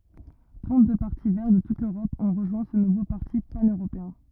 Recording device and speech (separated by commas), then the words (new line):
rigid in-ear microphone, read sentence
Trente-deux partis Verts de toute l'Europe ont rejoint ce nouveau parti pan-européen.